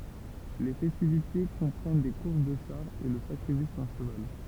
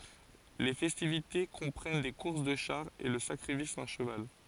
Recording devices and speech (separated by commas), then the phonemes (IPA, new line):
temple vibration pickup, forehead accelerometer, read sentence
le fɛstivite kɔ̃pʁɛn de kuʁs də ʃaʁz e lə sakʁifis dœ̃ ʃəval